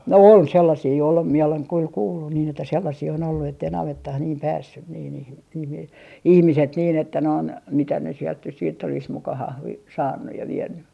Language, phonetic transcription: Finnish, "ol , 'sellasii ol mie oleŋ kyl 'kuullun niin ‿että sellasii on ollu ettei 'navettah niim "päässyn nii niihi , niihi , "ihmiset niin ‿että noin , mitä ne sielt nys siitt ‿olis muka 'hahli- , "saannuj ja "vienny .
- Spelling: oli sellaisia oli minä olen kyllä kuullut niin että sellaisia on ollut että ei navettaan niin päässyt niin niihin niihin ihmiset niin että noin mitä ne sieltä nyt sitten olisi muka - saanut ja vienyt

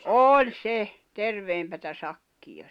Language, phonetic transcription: Finnish, ooĺ se , 'terveempätä 'sakkija .
- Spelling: oli se terveempää sakkia

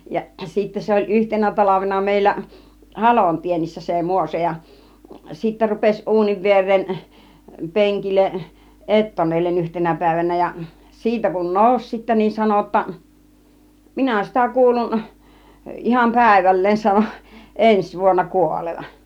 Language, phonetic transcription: Finnish, jaˀ , sittä 'se oĺ 'yhtenä 'taĺavena mèillä , "halontiennissä se 'Mŭŏso ja , sittä rupeś 'ˀuuniv 'vier̆reen , 'peŋkilleˀ , "ettonellen 'yhtenä pä̀ivänä ja , 'siitä kun "nòus sittä niin 'sano ‿ᵒtta , » "mina͕ 'sitä 'kuulun , 'ˀiham "pä̀iväl̀leen sano , "ˀens 'vuonna 'kuolevan « .
- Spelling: ja sitten se oli yhtenä talvena meillä halonteennissä se Muoso ja sitten rupesi uunin viereen penkille ettonelle yhtenä päivänä ja siitä kun nousi sitten niin sanoi jotta minä sitä kuulun ihan päivälleen sanoi ensi vuonna kuolevan

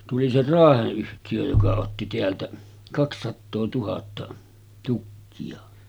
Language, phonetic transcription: Finnish, tuli se "Raaheˀ 'ˀyhtijö joka otti 'teältä , 'kakssattoo 'tuhatta , tukki₍a .
- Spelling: tuli se Raahen yhtiö joka otti täältä kaksisataa tuhatta tukkia

